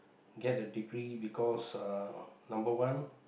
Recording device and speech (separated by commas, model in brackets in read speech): boundary microphone, conversation in the same room